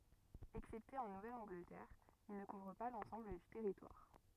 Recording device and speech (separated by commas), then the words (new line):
rigid in-ear microphone, read sentence
Excepté en Nouvelle-Angleterre, il ne couvre pas l'ensemble du territoire.